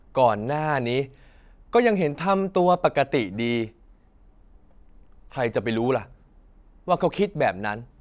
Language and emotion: Thai, frustrated